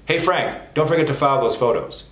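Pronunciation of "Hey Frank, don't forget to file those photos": The sentence is said at real-time speed, and the f sounds are all still heard.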